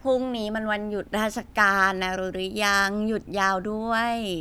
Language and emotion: Thai, happy